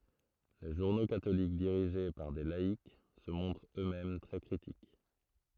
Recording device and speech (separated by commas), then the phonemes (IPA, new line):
throat microphone, read sentence
le ʒuʁno katolik diʁiʒe paʁ de laik sə mɔ̃tʁt ø mɛm tʁɛ kʁitik